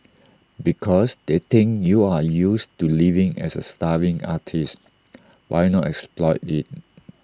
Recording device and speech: standing microphone (AKG C214), read sentence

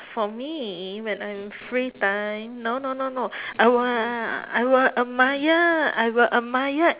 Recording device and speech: telephone, conversation in separate rooms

